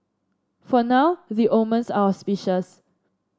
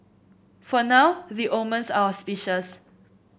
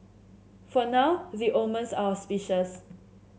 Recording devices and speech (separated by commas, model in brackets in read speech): standing microphone (AKG C214), boundary microphone (BM630), mobile phone (Samsung C7), read sentence